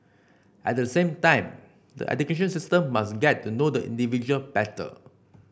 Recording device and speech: boundary microphone (BM630), read sentence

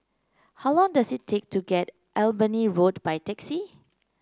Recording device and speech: close-talking microphone (WH30), read sentence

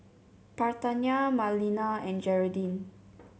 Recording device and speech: mobile phone (Samsung C7), read sentence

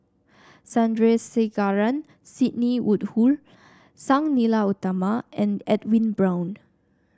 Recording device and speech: standing microphone (AKG C214), read sentence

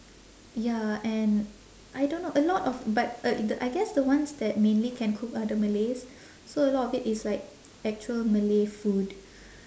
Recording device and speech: standing microphone, conversation in separate rooms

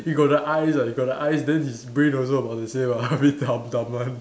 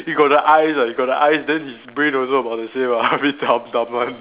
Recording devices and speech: standing microphone, telephone, conversation in separate rooms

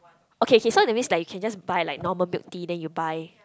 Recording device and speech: close-talking microphone, conversation in the same room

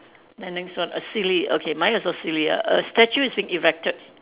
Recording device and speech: telephone, conversation in separate rooms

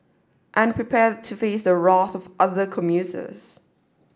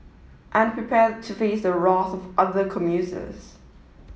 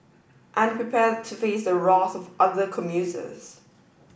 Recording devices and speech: standing microphone (AKG C214), mobile phone (iPhone 7), boundary microphone (BM630), read sentence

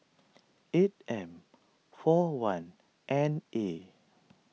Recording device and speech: mobile phone (iPhone 6), read sentence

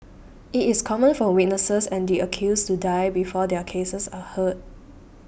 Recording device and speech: boundary microphone (BM630), read sentence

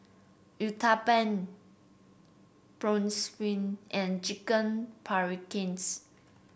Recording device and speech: boundary microphone (BM630), read sentence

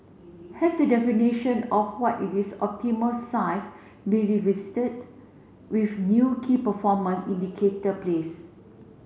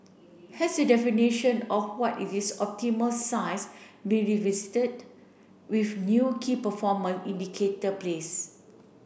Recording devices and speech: mobile phone (Samsung C7), boundary microphone (BM630), read sentence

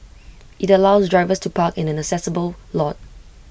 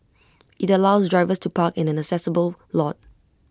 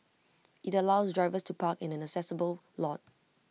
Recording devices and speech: boundary microphone (BM630), close-talking microphone (WH20), mobile phone (iPhone 6), read sentence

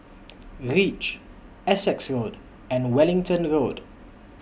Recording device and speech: boundary microphone (BM630), read sentence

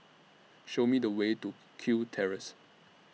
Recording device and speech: mobile phone (iPhone 6), read sentence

